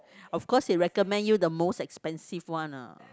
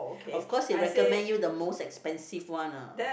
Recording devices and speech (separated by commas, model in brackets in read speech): close-talking microphone, boundary microphone, conversation in the same room